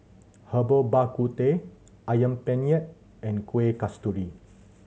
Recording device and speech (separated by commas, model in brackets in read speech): mobile phone (Samsung C7100), read sentence